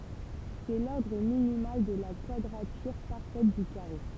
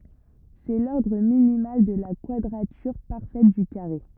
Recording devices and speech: temple vibration pickup, rigid in-ear microphone, read sentence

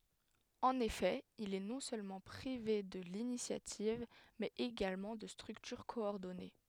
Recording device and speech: headset microphone, read sentence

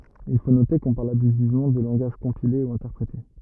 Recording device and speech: rigid in-ear microphone, read sentence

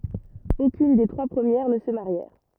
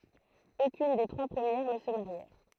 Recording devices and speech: rigid in-ear microphone, throat microphone, read sentence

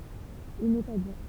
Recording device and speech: temple vibration pickup, read sentence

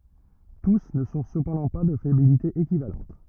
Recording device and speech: rigid in-ear microphone, read sentence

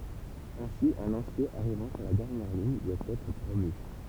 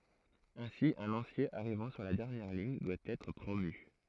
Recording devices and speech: temple vibration pickup, throat microphone, read sentence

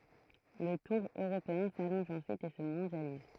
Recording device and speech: throat microphone, read sentence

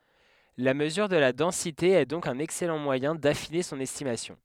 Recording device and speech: headset microphone, read sentence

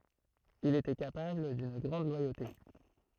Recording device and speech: throat microphone, read sentence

